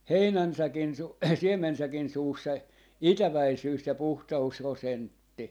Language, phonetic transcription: Finnish, "heinän'säkin 'su- , "siem̆mensäkin 'suus se , "itäväisyys ja 'puhta₍us 'rosentti .
- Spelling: heinänsäkin - siemensäkin suussa se itäväisyys- ja - puhtausprosentti

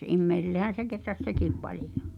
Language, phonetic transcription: Finnish, immeisillehän̬ se keträs "sekìp 'palijo .
- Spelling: ihmisillehän se kehräsi sekin paljon

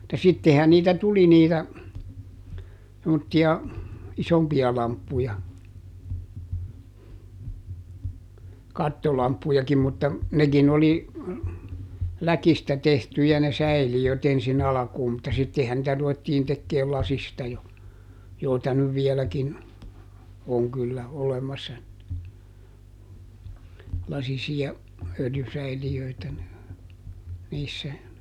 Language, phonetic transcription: Finnish, [mut]ta ˈsittehän niitä ˈtuli niitä , semmotti₍a , "isompi₍a ˈlamppuja , ˈkattolamppujakim mutta , ˈnekin ‿oli , ˈläkistä tehtyjä ne ˈsäili₍öt ‿ensin ˈalᵃkuum mutta ˈsittehän nⁱtä ruvettiin tekkeel ˈlasista jo , joita nyv ˈviɛläkin , oŋ kyllä , ˈolemassa , ˈlasisi₍a , ˈöljysäili₍öitä , niissä .
- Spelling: mutta sittenhän niitä tuli niitä semmoisia isompia lamppuja kattolamppujakin mutta nekin oli läkistä tehtyjä ne säiliöt ensin alkuun mutta sittenhän niitä ruvettiin tekemään lasista jo joita nyt vieläkin on kyllä olemassa lasisia öljysäiliöitä niissä

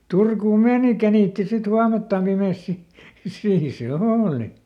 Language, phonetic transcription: Finnish, ˈTurkuum "meeni ˈkänìtti sit ˈhuamelttam ˈpimès ˈsi , ˈsiin̬ se "ooli .
- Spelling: Turkuun meni känitti sitten huomeltaan pimeässä sitten siinä se oli

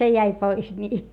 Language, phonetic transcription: Finnish, se jäi pois ńii .
- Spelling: se jäi pois niin

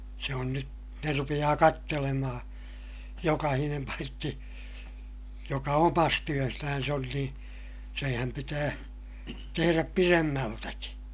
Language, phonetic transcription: Finnish, se on nyt , ne rupiʲaa kattelemahaa̰ , jokahinem paitti , joka omas työsnän̬s ‿on nii , seèhäm pitää , teheräp piremmältäki .
- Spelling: se on nyt ne rupeaa katselemaan jokainen paitsi joka omassa työssään on niin senhän pitää tehdä pidemmältäkin

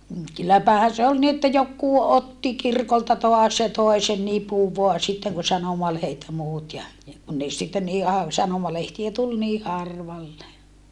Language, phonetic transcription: Finnish, m̥ kylläpähän̬ se ol ni että jokkuu otti kirkolta toas ja toe sen nipuv voa sitteŋ kun sanomalehet ja muut ja , ja kun ne sitten nii av- , sanomalehtiä tul nii harvalle .
- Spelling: mm kylläpähän se oli niin että joku otti kirkolta taas ja toi sen nipun vain sitten kun sanomalehdet ja muut ja ja kun ne sitten niin - sanomalehtiä tuli niin harvalle

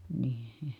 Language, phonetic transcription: Finnish, nii₍I .
- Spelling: niin

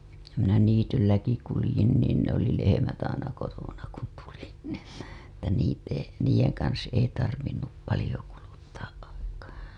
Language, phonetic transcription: Finnish, minä 'niitylläki kulĭjin niin ‿ne ‿oli 'lehemät aina kotona kun tulin nII , että niit ‿ei , 'niij̆jeŋ kans ei tarvinnup palĭjo kuluttaa' 'aikaa .
- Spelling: minä niitylläkin kuljin niin ne oli lehmät aina kotona kun tulin niin että niitä ei niiden kanssa ei tarvinnut paljon kuluttaa aikaa

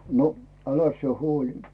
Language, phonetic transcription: Finnish, no , 'äläs sⁱe "huoĺi .
- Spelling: no äläs sinä huoli

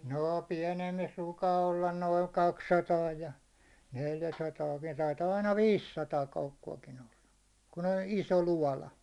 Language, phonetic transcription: Finnish, 'noo 'piɛnemmis ruukaa ollan noi 'kak'sataa ja , 'neljä'sataa , vie- taitaa aina "viis'sataa koukku₍akin ‿olla , kun ‿on 'iso "luåla .
- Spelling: no pienemmissä ruukaa olla noin kaksisataa ja neljäsataa - taitaa aina viisisataa koukkuakin olla kun on iso loota

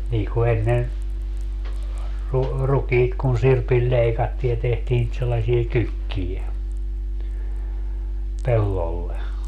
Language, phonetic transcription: Finnish, nii ku 'ennen , ru- , 'rukiit kun 'sirpil 'ĺeikattii ja tehtii nit sellasie "kykkije , 'pellolle .
- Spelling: niin kuin ennen - rukiit kun sirpillä leikattiin ja tehtiin niitä sellaisia kykkiä pellolle

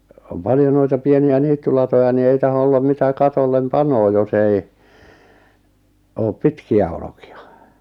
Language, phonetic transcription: Finnish, om 'paljo noita 'pieni₍ä 'niittylatoja ni 'ei taho ollam mitä 'katollem 'panoo jos ‿ei , oop "pitki₍ä oloki₍a .
- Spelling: on paljon noita pieniä niittylatoja niin ei tahdo olla mitä katolle panee jos ei ole pitkiä olkia

